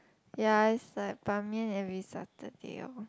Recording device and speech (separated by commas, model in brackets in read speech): close-talking microphone, conversation in the same room